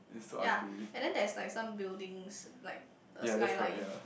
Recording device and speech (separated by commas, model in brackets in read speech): boundary microphone, conversation in the same room